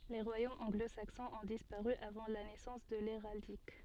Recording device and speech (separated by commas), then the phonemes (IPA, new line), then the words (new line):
soft in-ear microphone, read sentence
le ʁwajomz ɑ̃ɡlozaksɔ̃z ɔ̃ dispaʁy avɑ̃ la nɛsɑ̃s də leʁaldik
Les royaumes anglo-saxons ont disparu avant la naissance de l'héraldique.